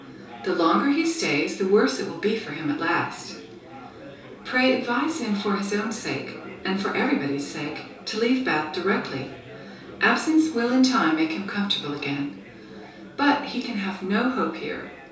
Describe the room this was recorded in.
A small space (about 3.7 m by 2.7 m).